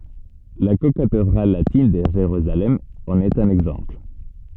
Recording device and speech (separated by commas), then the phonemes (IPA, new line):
soft in-ear microphone, read sentence
la kokatedʁal latin də ʒeʁyzalɛm ɑ̃n ɛt œ̃n ɛɡzɑ̃pl